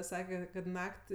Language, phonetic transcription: Lithuanian, ˈsake kad ˈnak't'

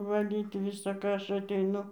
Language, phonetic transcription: Lithuanian, vaˈlyt ˌvisa ˈką ˈaš ateiˈnu

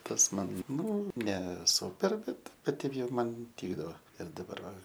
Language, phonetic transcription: Lithuanian, ˈtas ˈman ˈnu ne ˈsūper ˈbet ˈkad ˈteip ˈjau ˈman ˈtykdavo ir daˈbar va

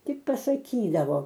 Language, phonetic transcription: Lithuanian, ˈtik pasaˈkydavo

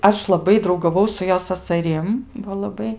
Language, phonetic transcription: Lithuanian, ˈaš laˈbai draugaˈvau su ˈjo sasaˈrim va laˈbai

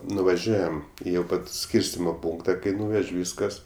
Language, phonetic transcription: Lithuanian, nuvaˈžiuojam ˈjau i ˈpat ˈskyrstimo ˈpūnkta kai ˈnūvež' ˈvyskas

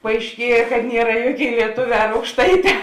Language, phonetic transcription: Lithuanian, paaišˈkieja kad ˈniera ˈjuoˌkėi lieˈtoˌvē ar aukšˈtaiˌtē

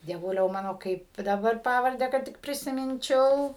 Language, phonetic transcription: Lithuanian, dieˈvuliau ˈmano ˈkaip daˈbar ˈpavardę kad ˈtik prisiˈminčiau

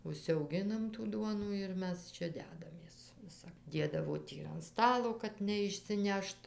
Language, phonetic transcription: Lithuanian, užsiauˈginam tų ˈduonų ir ˈmes ˈčia ˈdedamės ˈvisap ˈdėdavo ˈtį ir an ˈstalo kad neišsiˈnešt

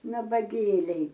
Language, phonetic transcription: Lithuanian, nabaˈgėliai

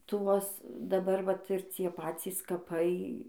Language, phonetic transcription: Lithuanian, ˈtuos daˈbar ˈvat ir ˈcie ˈpacys kaˈpai

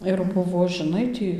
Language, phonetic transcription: Lithuanian, ir ˈbuvo žiˈnai tį

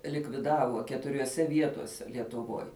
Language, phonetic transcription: Lithuanian, likviˈdavo keturioˈse ˈvietose lietuˈvoj

